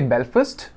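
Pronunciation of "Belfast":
'Belfast' is pronounced incorrectly here.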